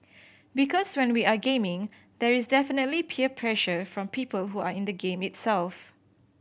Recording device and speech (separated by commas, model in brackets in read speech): boundary microphone (BM630), read sentence